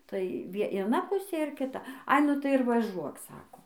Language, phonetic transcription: Lithuanian, tai vie ieˈna ˈpusė ir kiˈta ai ˈnu tai ir vaˈžuok ˈsako

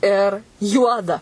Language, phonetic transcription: Lithuanian, ir ˈjuoda

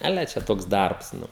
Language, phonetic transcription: Lithuanian, aˈle čia ˈtoks ˈdarbs ˈnu

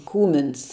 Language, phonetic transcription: Lithuanian, ˈkūmins

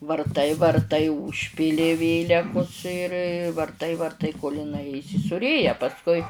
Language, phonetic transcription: Lithuanian, varˈtai varˈtai užˈpyli ˈvėlekus ir varˈtai varˈtai kol iˈnai įsisūˈrėja pasˈkui

